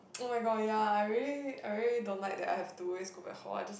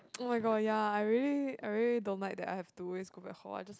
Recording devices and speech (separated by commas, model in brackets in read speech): boundary microphone, close-talking microphone, conversation in the same room